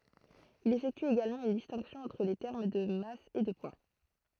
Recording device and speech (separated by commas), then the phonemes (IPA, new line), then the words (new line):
throat microphone, read sentence
il efɛkty eɡalmɑ̃ yn distɛ̃ksjɔ̃ ɑ̃tʁ le tɛʁm də mas e də pwa
Il effectue également une distinction entre les termes de masse et de poids.